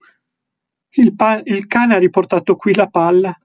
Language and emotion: Italian, fearful